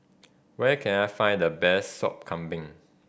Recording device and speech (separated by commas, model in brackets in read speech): boundary microphone (BM630), read sentence